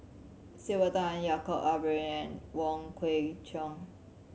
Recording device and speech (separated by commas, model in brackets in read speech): mobile phone (Samsung C7100), read sentence